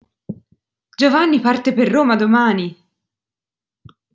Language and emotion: Italian, surprised